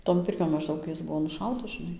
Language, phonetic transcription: Lithuanian, ton ˈpirkion mažˈdaug ˈjis ˈbuvo nuˈšautas žiˈnai

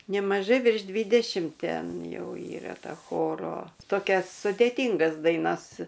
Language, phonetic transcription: Lithuanian, nemaˈžai virš ˈdvydešimt ˈten ˈjau ˈyra ˈta ˈchoro toˈkias sudėˈtyngas daiˈnas

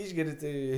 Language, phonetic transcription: Lithuanian, ˈišgeri tai

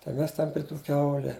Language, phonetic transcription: Lithuanian, tai ˈmes ten pri ˈtų ˈkiaule

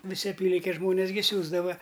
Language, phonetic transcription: Lithuanian, viˈsi aˈpylinkės ˈžmonės gi ˈsiųsdava

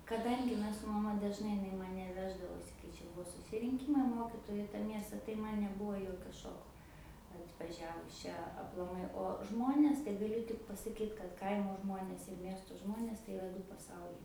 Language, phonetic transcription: Lithuanian, kaˈdangi ˈmes su maˈma dažˈnai iˈnai maˈne ˈveždavosi kai ˈčia ˈbuo susirinˈkymai ˈmokytoju i ta ˈmiesta tai ˈman neˈbuvo ˈjokio ˈšoko atvaˈžiavus ˈčia aplaˈmai o ˈžmonės tai gaˈliu tik pasaˈkyt kad ˈkaimo ˈžmonės ir ˈmiesto ˈžmonės tai iˈra ˈdu paˈsauliai

